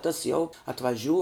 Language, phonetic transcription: Lithuanian, tas jau atvaˈžiū

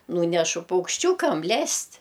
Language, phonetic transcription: Lithuanian, ˈnūnešu paukšˈčiūkam ˈlest'

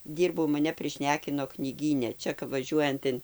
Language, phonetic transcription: Lithuanian, ˈdyrbau maˈne priˈšnekino knyˈgyne ˈčia kap vaˈžiuojant in

